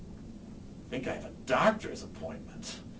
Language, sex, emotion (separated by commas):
English, male, disgusted